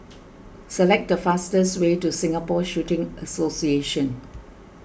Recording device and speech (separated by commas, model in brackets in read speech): boundary microphone (BM630), read sentence